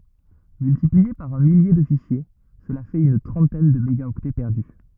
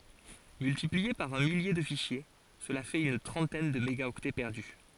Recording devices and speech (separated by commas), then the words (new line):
rigid in-ear microphone, forehead accelerometer, read sentence
Multiplié par un millier de fichiers, cela fait une trentaine de mégaoctets perdus.